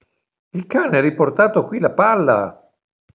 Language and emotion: Italian, surprised